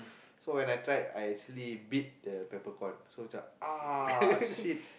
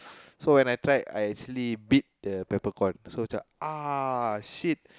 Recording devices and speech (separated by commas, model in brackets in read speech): boundary microphone, close-talking microphone, conversation in the same room